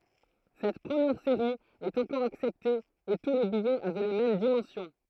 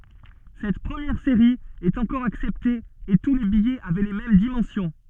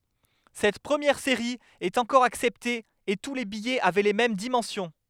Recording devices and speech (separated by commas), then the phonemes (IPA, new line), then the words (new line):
throat microphone, soft in-ear microphone, headset microphone, read sentence
sɛt pʁəmjɛʁ seʁi ɛt ɑ̃kɔʁ aksɛpte e tu le bijɛz avɛ le mɛm dimɑ̃sjɔ̃
Cette première série est encore acceptée et tous les billets avaient les mêmes dimensions.